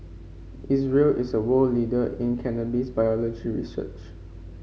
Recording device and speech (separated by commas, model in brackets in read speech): mobile phone (Samsung C5), read sentence